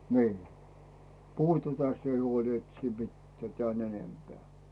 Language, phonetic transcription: Finnish, nii , 'puhu tätä sie huol et siim mittᵉä̀ 'tᵉä̀n "enempeä̀ .
- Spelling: niin puhu tätä sinä huoli että siinä mitään tämän enempää

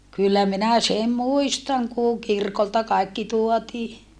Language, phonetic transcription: Finnish, kyllä minä sem muistaŋ kùŋ kirkolta kaikki tuotii .
- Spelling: kyllä minä sen muistan kun kirkolta kaikki tuotiin

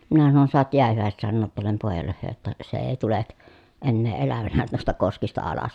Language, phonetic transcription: Finnish, minä sanon » soat jiähyvä̀eset sannoot tuollem pòejalle (hə) ‿tta , se èi̮ tulek , ennee elävänä nuista koskista alas » .
- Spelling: minä sanoin saat jäähyväiset sanoa tuolle pojalle - jotta se ei tule enää elävänä noista koskista alas

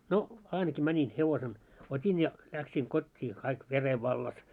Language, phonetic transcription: Finnish, no , 'ainaki mäńin hevosen , 'ot́in ja 'läksiiŋ kot́t́ii kaik 'vere 'vallas .
- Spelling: no ainakin menin hevosen otin ja lähdin kotiin kaikki veren vallassa

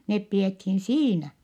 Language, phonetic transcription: Finnish, nep pi₍ethin siinä .
- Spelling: ne pidettiin siinä

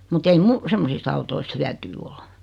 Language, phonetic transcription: Finnish, mut ‿ei "mu , 'semmosist ‿autoist 'hyäty ol .
- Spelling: mutta ei minun semmoisista autoista hyötyä ole

